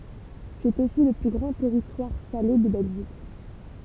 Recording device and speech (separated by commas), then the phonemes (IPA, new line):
temple vibration pickup, read sentence
sɛt osi lə ply ɡʁɑ̃ tɛʁitwaʁ sale də bɛlʒik